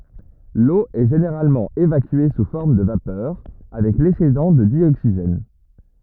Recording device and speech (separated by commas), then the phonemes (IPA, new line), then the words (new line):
rigid in-ear microphone, read sentence
lo ɛ ʒeneʁalmɑ̃ evakye su fɔʁm də vapœʁ avɛk lɛksedɑ̃ də djoksiʒɛn
L'eau est généralement évacuée sous forme de vapeur avec l'excédent de dioxygène.